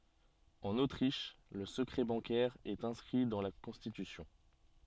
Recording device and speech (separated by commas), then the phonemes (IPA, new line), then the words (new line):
soft in-ear microphone, read sentence
ɑ̃n otʁiʃ lə səkʁɛ bɑ̃kɛʁ ɛt ɛ̃skʁi dɑ̃ la kɔ̃stitysjɔ̃
En Autriche, le secret bancaire est inscrit dans la constitution.